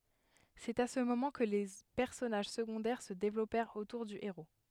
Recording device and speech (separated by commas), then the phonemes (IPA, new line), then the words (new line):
headset microphone, read sentence
sɛt a sə momɑ̃ kə le pɛʁsɔnaʒ səɡɔ̃dɛʁ sə devlɔpɛʁt otuʁ dy eʁo
C’est à ce moment que les personnages secondaires se développèrent autour du héros.